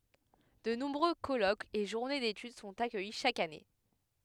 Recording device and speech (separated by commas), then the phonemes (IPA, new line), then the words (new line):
headset microphone, read sentence
də nɔ̃bʁø kɔlokz e ʒuʁne detyd sɔ̃t akœji ʃak ane
De nombreux colloques et journées d'études sont accueillis chaque année.